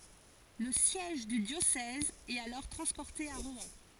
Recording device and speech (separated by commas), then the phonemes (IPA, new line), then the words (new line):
forehead accelerometer, read sentence
lə sjɛʒ dy djosɛz ɛt alɔʁ tʁɑ̃spɔʁte a ʁwɛ̃
Le siège du diocèse est alors transporté à Rouen.